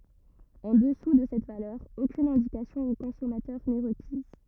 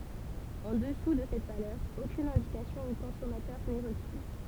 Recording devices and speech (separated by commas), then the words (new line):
rigid in-ear microphone, temple vibration pickup, read sentence
En dessous de cette valeur, aucune indication au consommateur n'est requise.